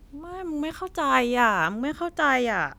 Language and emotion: Thai, frustrated